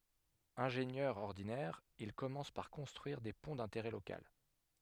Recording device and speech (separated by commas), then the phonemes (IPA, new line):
headset microphone, read sentence
ɛ̃ʒenjœʁ ɔʁdinɛʁ il kɔmɑ̃s paʁ kɔ̃stʁyiʁ de pɔ̃ dɛ̃teʁɛ lokal